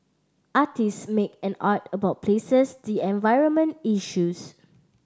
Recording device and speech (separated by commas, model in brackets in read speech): standing microphone (AKG C214), read sentence